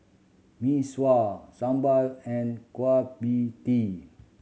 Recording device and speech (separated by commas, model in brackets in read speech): mobile phone (Samsung C7100), read sentence